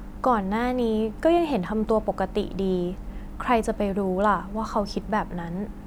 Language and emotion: Thai, neutral